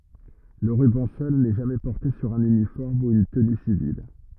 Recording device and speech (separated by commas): rigid in-ear microphone, read sentence